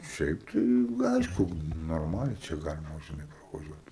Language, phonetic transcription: Lithuanian, ˈšiaip tai ˈaišku norˈmaliai čia ˈgalima žiˈnai pravaˈžiuot

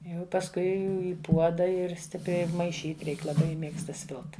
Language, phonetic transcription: Lithuanian, ˈjau pasˈkui i ˈpuoda ir ˈstipriai maiˈšyt ˈreik laˈbai ˈmėgsta ˈsvilt

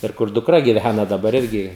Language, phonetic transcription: Lithuanian, ir ˈkur dukˈra giˈvæna daˈbar ˈirgi

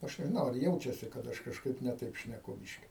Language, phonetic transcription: Lithuanian, ˈaš nežiˈnau ar ˈjaučiasi kad ˈaš kažˈkaip ne ˈtaip šneˈku ˈbiški

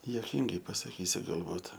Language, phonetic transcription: Lithuanian, juoˈkyngai pasaˈkysiu galˈbūt

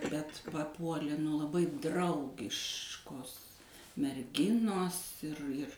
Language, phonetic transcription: Lithuanian, bet paˈpuolė nu laˈbai ˈdraugiškos merˈginos ir ir

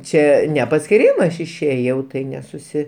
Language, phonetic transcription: Lithuanian, ˈčia ne paskiˈrymas ˈaš išˈėjau ˈtai nesuˈsi

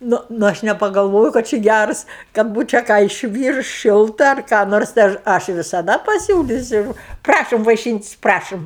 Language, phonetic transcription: Lithuanian, ˈnu ˈnu ˈaš nepagalˈvojo kad ˈči ˈgærs kad ˈbūčia ką išˈvyrus ˈšilta ar ką ˈnors tai ˈaš ˈaš visaˈda paˈsiūlysiu ˈprašom vaiˈšyntis' ˈprašom

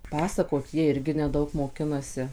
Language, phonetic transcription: Lithuanian, ˈpasakot ˈjie ˈirgi neˈdaug moˈkinasi

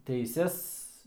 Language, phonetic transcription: Lithuanian, teiˈses

